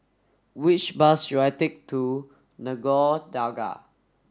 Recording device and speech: standing microphone (AKG C214), read sentence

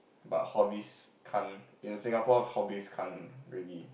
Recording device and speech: boundary microphone, conversation in the same room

